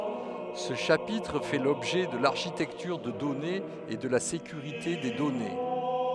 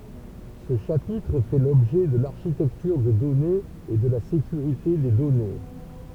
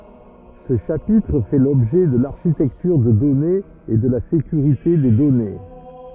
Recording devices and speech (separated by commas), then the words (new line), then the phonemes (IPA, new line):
headset microphone, temple vibration pickup, rigid in-ear microphone, read sentence
Ce chapitre fait l'objet de l'architecture de données et de la sécurité des données.
sə ʃapitʁ fɛ lɔbʒɛ də laʁʃitɛktyʁ də dɔnez e də la sekyʁite de dɔne